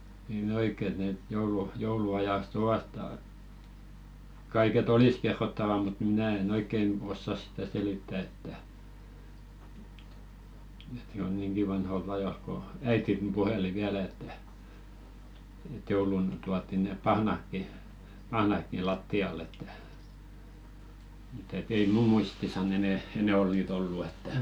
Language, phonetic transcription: Finnish, nii'n ‿oik̆ke et net 'joulu- 'joulu₍ajas"t ‿ovat ta- , 'kaike"t ‿olis kerrottava mut "minä̀ en 'oikken 'ossas sⁱtä selittä että , ᵉᵗ jo 'niiŋɢi vanholt ‿ajolᵗ ko "äitin puheli 'viälä että , ᵉᵗ joulun 'tuatti nè "pahnakki , 'pahnakki "latti₍al̆l ‿että , m̥t ‿et ‿ei "muu 'muistisa'n ‿enɛ , 'enɛ ol niit ‿ollu että .
- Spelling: niin oikein että ne - jouluajasta ovat - kaiketi olisi kerrottavaa mutta minä en oikein osaa sitä selittää että että jo niinkin vanhoilta ajoilta kun äitini puheli vielä että että jouluna tuotiin ne pahnatkin pahnatkin lattialle että mutta että ei minun muistissani enää enää ole niitä ollut että

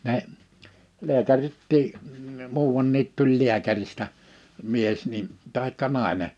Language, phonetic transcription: Finnish, ne , 'leäkärittii , 'muuʷanniit tuĺ 'liäkäristä , 'mies nin , 'tàikka 'nàḙne .
- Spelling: ne lääkäritkin muuan tuli lääkäristä mies niin tai nainen

